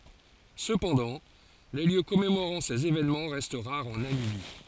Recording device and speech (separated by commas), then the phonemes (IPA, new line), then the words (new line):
forehead accelerometer, read sentence
səpɑ̃dɑ̃ le ljø kɔmemoʁɑ̃ sez evenmɑ̃ ʁɛst ʁaʁz ɑ̃ namibi
Cependant, les lieux commémorant ces événements restent rares en Namibie.